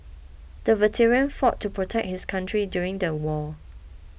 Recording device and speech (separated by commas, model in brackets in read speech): boundary microphone (BM630), read sentence